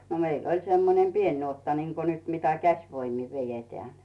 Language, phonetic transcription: Finnish, no 'meill ‿oĺ semmonem "pien 'nuotta niŋko nyt 'mitä "käśvoimi 'vejeteä̀ɴ .
- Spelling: no meillä oli semmoinen pieni nuotta niin kuin nyt mitä käsivoimin vedetään

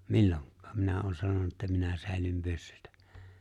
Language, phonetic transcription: Finnish, milloŋk̆kᴀᴀ , 'minä oon 'sanona että minä 'sä̀elym "pyssʏtᴀ̈ .
- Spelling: milloinkaan minä olen sanonut että minä säilyn pyssyttä

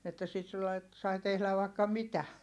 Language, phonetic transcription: Finnish, että sit (sillai et) , sai tehläv vài̮kka mitä .
- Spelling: että sitten sillä lailla että sai tehdä vaikka mitä

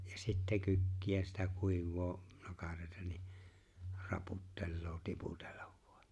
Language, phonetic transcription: Finnish, ja sittɛ 'kykki₍ä sⁱtä 'kuiv̆voo , 'nokareeⁱta ni , 'raputtelloo 'tiputellᴀᴠ ᴠᴏᴀ .
- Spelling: ja sitten kykkiä sitä kuivaa nokareita niin raputtelee tiputella vain

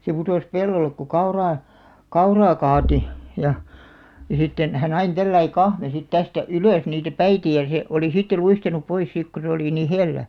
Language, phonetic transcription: Finnish, se putòs 'pellollek ku "kauraa , "kauraa 'kaati , ja , ja 'sitten , 'hän ‿ain 'tälläi "kahme sit 'tästä "ylö̀§s niitä "päitä ja se , oli 'sitte 'luistanup 'pois sìk ku se oli 'nì "hellä .
- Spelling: se putosi pellolle kun kauraa kauraa kaatoi ja ja sitten hän aina tällä lailla kahmi sitten tästä ylös niitä päitä ja se oli sitten luistanut pois siksi kun se oli niin hellä

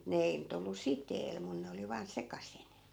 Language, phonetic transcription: Finnish, mut 'ne ei nyt ‿'ollu "siteel , mun 'ne oli vaan 'sekasin .
- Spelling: mutta ne ei nyt ollut siteellä minun ne oli vain sekaisin

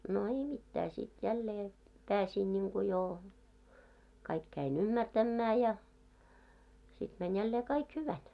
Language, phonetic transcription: Finnish, no 'ei 'mittää sit 'jällee , 'pääsìn ńiŋku joo , kaik käi"ń ‿ummärtämmää ja , sit mäń jällee 'kaik "hyväl .
- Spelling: no ei mitään sitten jälleen pääsin niin kuin jo kaikki kävin ymmärtämään ja sitten meni jälleen kaikki hyvällä

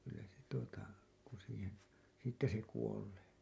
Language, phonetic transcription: Finnish, kyllä se tuota , ku siihen , 'siittä se 'kuolee .
- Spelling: kyllä se tuota kun siihen siitä se kuolee

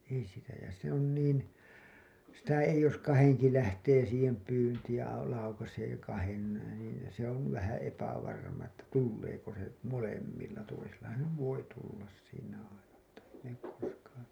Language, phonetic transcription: Finnish, ei sitä ja se ‿on niin , sitä 'eij̆ ‿jos 'kaheŋki 'lähtee siihem pyyntiij ja au- , laukasee kahen , niin , se ‿on§ vähä epävarma että 'tulleeko se , 'molemmilla , toisellahan̬ se nyv 'voi tullas siinä aina mutta , ei ne , koskaan̬ ...
- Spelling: ei sitä ja se on niin sitä ei jos kahdenkin lähtee siihen pyyntiin ja - laukaisee kahden niin se on vähän epävarma että tuleeko se molemmilla toisellahan se nyt voi tulla siinä aina mutta ei ne koskaan

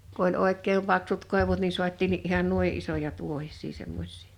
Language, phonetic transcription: Finnish, ku ‿oĺ 'òek̆keem paksut 'kòevut ni 'suat́̆tiinni’ ’ihan "nui '’isoja 'tuohis̆sii 'semmoś̆sɪɪ .
- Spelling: kun oli oikein paksut koivut niin saatiinkin ihan noin isoja tuohisia semmoisia

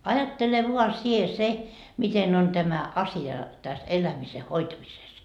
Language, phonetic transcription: Finnish, 'ajattele vua 'sie 'se , miten on tämä 'asi₍a täs 'elämise "hoitamises .
- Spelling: ajattele vain sinä se miten on tämä asia tässä elämisen hoitamisessa

